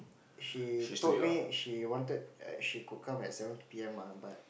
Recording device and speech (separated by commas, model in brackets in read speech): boundary microphone, conversation in the same room